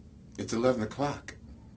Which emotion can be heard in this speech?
happy